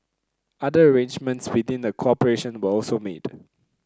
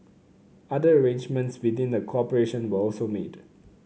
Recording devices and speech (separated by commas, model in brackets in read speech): close-talking microphone (WH30), mobile phone (Samsung C9), read sentence